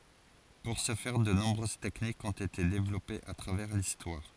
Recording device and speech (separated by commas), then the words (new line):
forehead accelerometer, read sentence
Pour ce faire, de nombreuses techniques ont été développées à travers l'histoire.